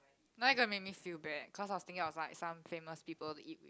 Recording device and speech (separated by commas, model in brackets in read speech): close-talking microphone, conversation in the same room